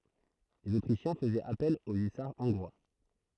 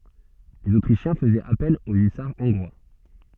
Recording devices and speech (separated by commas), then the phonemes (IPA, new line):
throat microphone, soft in-ear microphone, read sentence
lez otʁiʃjɛ̃ fəzɛt apɛl o ysaʁ ɔ̃ɡʁwa